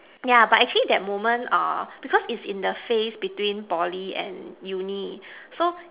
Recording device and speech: telephone, conversation in separate rooms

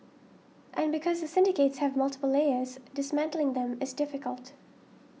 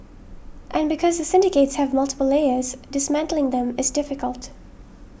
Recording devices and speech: mobile phone (iPhone 6), boundary microphone (BM630), read sentence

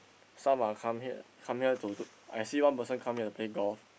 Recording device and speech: boundary microphone, conversation in the same room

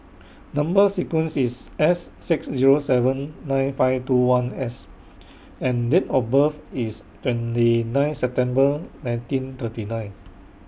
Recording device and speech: boundary microphone (BM630), read sentence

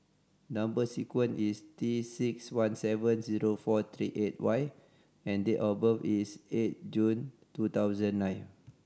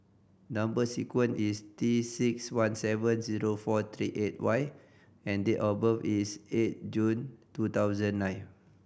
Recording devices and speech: standing microphone (AKG C214), boundary microphone (BM630), read sentence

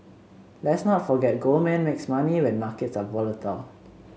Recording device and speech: mobile phone (Samsung C7), read sentence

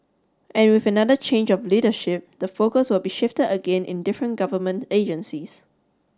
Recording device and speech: standing microphone (AKG C214), read sentence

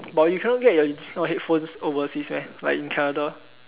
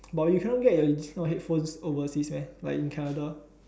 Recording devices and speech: telephone, standing microphone, conversation in separate rooms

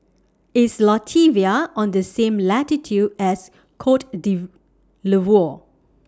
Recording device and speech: standing microphone (AKG C214), read sentence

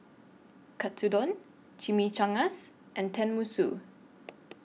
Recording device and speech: mobile phone (iPhone 6), read sentence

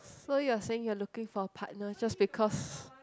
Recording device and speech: close-talking microphone, conversation in the same room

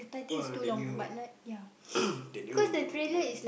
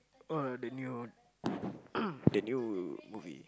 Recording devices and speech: boundary microphone, close-talking microphone, conversation in the same room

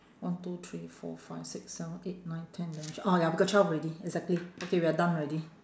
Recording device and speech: standing microphone, conversation in separate rooms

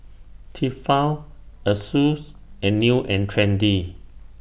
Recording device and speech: boundary microphone (BM630), read sentence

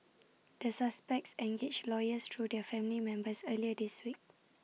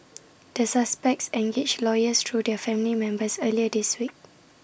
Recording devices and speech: mobile phone (iPhone 6), boundary microphone (BM630), read sentence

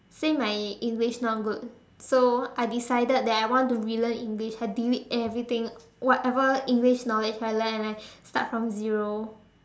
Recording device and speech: standing microphone, conversation in separate rooms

